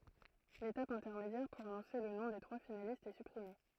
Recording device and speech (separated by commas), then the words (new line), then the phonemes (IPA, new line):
throat microphone, read sentence
L’étape intermédiaire pour annoncer le nom des trois finalistes est supprimée.
letap ɛ̃tɛʁmedjɛʁ puʁ anɔ̃se lə nɔ̃ de tʁwa finalistz ɛ sypʁime